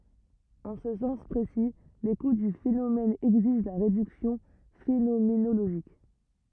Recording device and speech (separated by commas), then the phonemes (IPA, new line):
rigid in-ear microphone, read sentence
ɑ̃ sə sɑ̃s pʁesi lekut dy fenomɛn ɛɡziʒ la ʁedyksjɔ̃ fenomenoloʒik